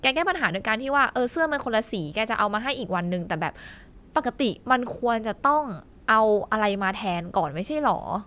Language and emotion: Thai, frustrated